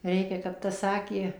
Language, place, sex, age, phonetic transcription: Lithuanian, Suvalkija, female, 60+, ˈreikia kap tas ˈsakė

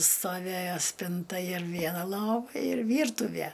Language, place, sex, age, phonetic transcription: Lithuanian, Aukštaitija, female, 60+, stoˈvėjo ˈspinta ir ˈviena ˈlova ir ˈvyrtuvæ

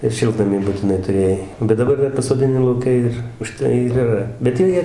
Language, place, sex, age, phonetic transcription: Lithuanian, Dzūkija, male, 60+, ir ˈšiltnamį butiˈnai tuˈrėjai bet daˈbar ˈdar pasodiˈni lauˈke ir uˈžtai ir yˈra bet ˈjie ˈjie

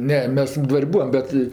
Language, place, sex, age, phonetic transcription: Lithuanian, Aukštaitija, female, 60+, ˈne ˈmes ˈdvar' ˈbūvam ˈbet

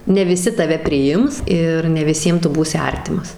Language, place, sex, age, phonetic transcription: Lithuanian, Suvalkija, female, 18-60, ne viˈsi taˈve priˈjims ˈir ne viˈsiems ˈtu ˈbūsi ˈartimas

